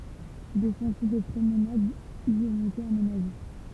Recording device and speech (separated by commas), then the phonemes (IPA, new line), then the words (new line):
temple vibration pickup, read sentence
de sɑ̃tje də pʁomnad i ɔ̃t ete amenaʒe
Des sentiers de promenade y ont été aménagés.